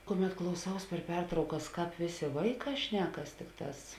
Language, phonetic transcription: Lithuanian, ˈkuˌmet klauˈsaus per ˈpertraukas ˈkāp ˈvėˌsė ˈvaiˌkā ˈšnekas ˈtikˌtās

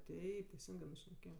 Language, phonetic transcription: Lithuanian, ˈteip teiˈsingɜ mes šneˈkėjam

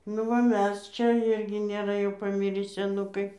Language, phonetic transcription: Lithuanian, nu va ˈmes ˈčia ˈirgi nėˈra jau paˈmirį seˈnukai

